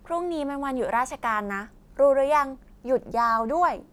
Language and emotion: Thai, happy